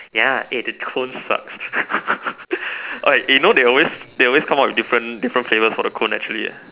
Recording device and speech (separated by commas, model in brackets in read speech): telephone, conversation in separate rooms